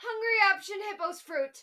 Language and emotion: English, fearful